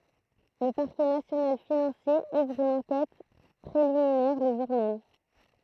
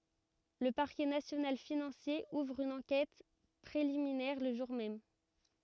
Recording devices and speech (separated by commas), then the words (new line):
throat microphone, rigid in-ear microphone, read sentence
Le Parquet national financier ouvre une enquête préliminaire le jour même.